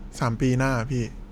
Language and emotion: Thai, neutral